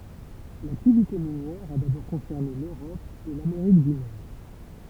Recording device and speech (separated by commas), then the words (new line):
temple vibration pickup, read sentence
L'activité minière a d'abord concerné l'Europe et l'Amérique du Nord.